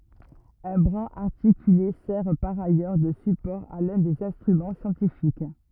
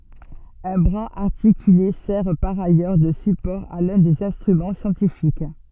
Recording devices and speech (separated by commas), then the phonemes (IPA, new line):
rigid in-ear microphone, soft in-ear microphone, read sentence
œ̃ bʁaz aʁtikyle sɛʁ paʁ ajœʁ də sypɔʁ a lœ̃ dez ɛ̃stʁymɑ̃ sjɑ̃tifik